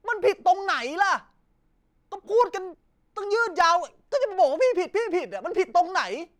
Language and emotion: Thai, angry